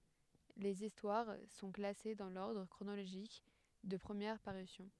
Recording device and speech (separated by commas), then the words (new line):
headset microphone, read sentence
Les histoires sont classées dans l'ordre chronologique de première parution.